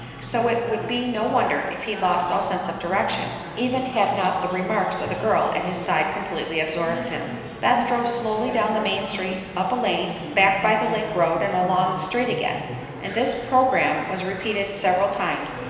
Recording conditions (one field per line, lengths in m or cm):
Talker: one person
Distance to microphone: 1.7 m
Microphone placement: close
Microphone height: 1.0 m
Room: very reverberant, large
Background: babble